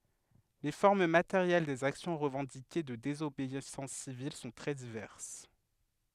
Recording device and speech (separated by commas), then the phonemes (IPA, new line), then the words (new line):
headset microphone, read sentence
le fɔʁm mateʁjɛl dez aksjɔ̃ ʁəvɑ̃dike də dezobeisɑ̃s sivil sɔ̃ tʁɛ divɛʁs
Les formes matérielles des actions revendiquées de désobéissance civile sont très diverses.